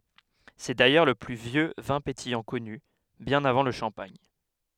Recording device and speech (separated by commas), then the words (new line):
headset microphone, read sentence
C'est d'ailleurs le plus vieux vin pétillant connu, bien avant le champagne.